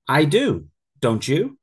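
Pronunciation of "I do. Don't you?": In 'don't you', the t and the y combine into a ch sound.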